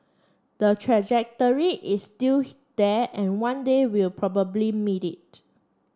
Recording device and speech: standing microphone (AKG C214), read sentence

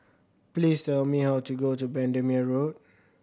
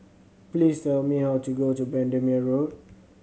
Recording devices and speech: boundary microphone (BM630), mobile phone (Samsung C7100), read sentence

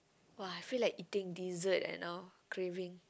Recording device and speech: close-talking microphone, conversation in the same room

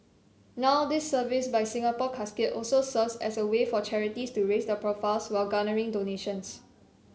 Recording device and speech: mobile phone (Samsung C7), read sentence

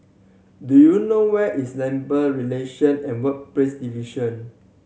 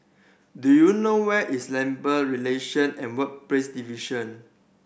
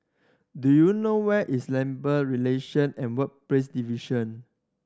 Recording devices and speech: mobile phone (Samsung C7100), boundary microphone (BM630), standing microphone (AKG C214), read sentence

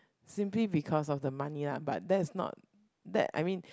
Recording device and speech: close-talking microphone, conversation in the same room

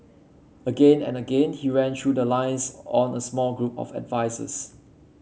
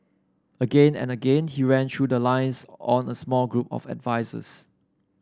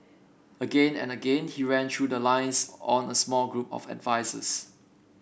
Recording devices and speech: mobile phone (Samsung C7), standing microphone (AKG C214), boundary microphone (BM630), read sentence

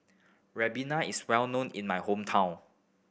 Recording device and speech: boundary microphone (BM630), read sentence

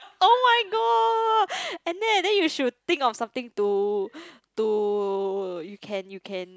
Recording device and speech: close-talking microphone, conversation in the same room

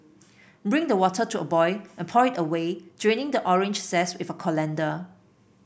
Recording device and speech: boundary microphone (BM630), read sentence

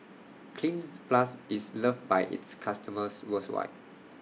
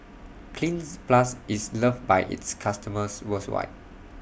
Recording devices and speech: mobile phone (iPhone 6), boundary microphone (BM630), read sentence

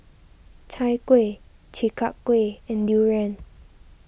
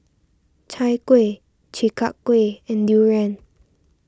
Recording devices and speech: boundary microphone (BM630), standing microphone (AKG C214), read sentence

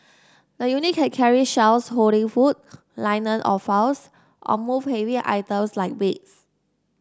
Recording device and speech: standing microphone (AKG C214), read sentence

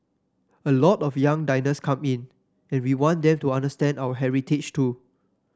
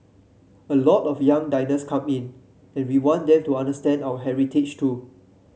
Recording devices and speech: standing microphone (AKG C214), mobile phone (Samsung C7), read sentence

